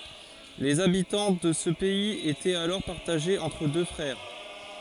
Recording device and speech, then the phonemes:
forehead accelerometer, read sentence
lez abitɑ̃ də sə pɛiz etɛt alɔʁ paʁtaʒez ɑ̃tʁ dø fʁɛʁ

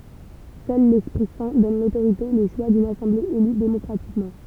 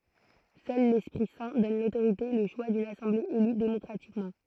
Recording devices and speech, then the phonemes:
temple vibration pickup, throat microphone, read sentence
sœl lɛspʁi sɛ̃ dɔn lotoʁite e lə ʃwa dyn asɑ̃ble ely demɔkʁatikmɑ̃

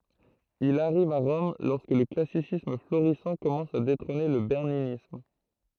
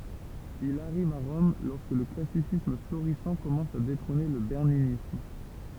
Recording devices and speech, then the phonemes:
throat microphone, temple vibration pickup, read sentence
il aʁiv a ʁɔm lɔʁskə lə klasisism floʁisɑ̃ kɔmɑ̃s a detʁɔ̃ne lə bɛʁninism

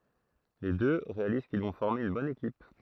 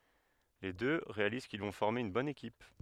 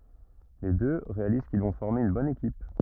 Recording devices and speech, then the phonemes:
throat microphone, headset microphone, rigid in-ear microphone, read sentence
le dø ʁealiz kil vɔ̃ fɔʁme yn bɔn ekip

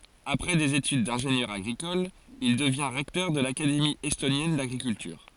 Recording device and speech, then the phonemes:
forehead accelerometer, read sentence
apʁɛ dez etyd dɛ̃ʒenjœʁ aɡʁikɔl il dəvjɛ̃ ʁɛktœʁ də lakademi ɛstonjɛn daɡʁikyltyʁ

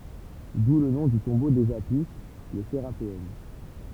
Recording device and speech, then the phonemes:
temple vibration pickup, read sentence
du lə nɔ̃ dy tɔ̃bo dez api lə seʁapeɔm

